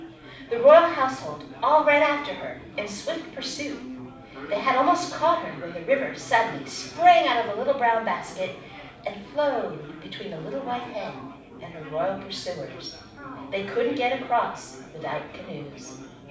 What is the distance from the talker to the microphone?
5.8 m.